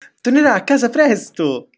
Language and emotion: Italian, happy